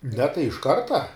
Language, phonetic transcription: Lithuanian, ne tai iš ˈkarta

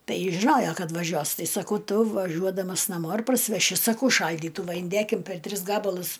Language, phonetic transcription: Lithuanian, ˈtai jis žiˈnojo ˈkad vaˈžiuos ˈtai saˈkau ˈtu vaˈžiuodamas naˈmo ir parsiveˈši saˈkau ˈšaldytų va inˈdėkim per ˈtris ˈgabalus

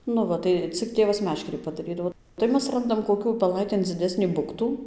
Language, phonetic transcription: Lithuanian, nu ˈva tai ˈcik ˈtėvas ˈmeškerį padaˈrydavo tai ˈmes ˈrandam koˈkių upeˈlaitėn dziˈdesnį ˈbuktų

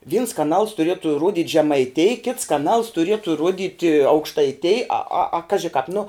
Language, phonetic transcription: Lithuanian, vyns kaˈnals tuˈrietu ˈrudit' žemaiˈtėj kits kaˈnals tuˈrietu ˈruodit' aukštaiˈtėj a a a ˈkaži kāp nu

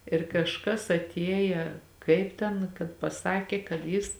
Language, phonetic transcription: Lithuanian, ir kažˈkas aˈtieja ˈkaip ten kad paˈsakė kad ˈjis

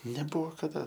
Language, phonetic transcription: Lithuanian, neˈbuvo kaˈda

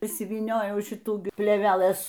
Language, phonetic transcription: Lithuanian, išsivyˈniojau ˈšitų plėveˈlɘs

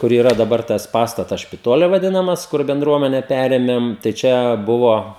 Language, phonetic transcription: Lithuanian, kur yˈra daˈbar tas ˈpastatas špiˈtoli vaˈdinamas ˈkur benˈdruomene ˈperėmem tai ˈčia ˈbuvo

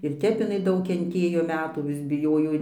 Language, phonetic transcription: Lithuanian, ir ˈtep iˈnai ˈdaug kenˈtėjo ˈmetų vis biˈjojo

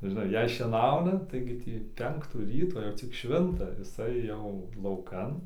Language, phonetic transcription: Lithuanian, žiˈnai ˈjei šieˈnauna ˈtaigi tį ˈpenktų ˈryto jau ˈcik ˈšvinta jiˈsai jau lauˈkan

